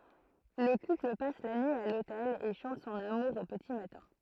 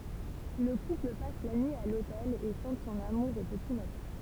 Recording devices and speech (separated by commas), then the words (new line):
throat microphone, temple vibration pickup, read sentence
Le couple passe la nuit à l'hôtel et chante son amour au petit matin.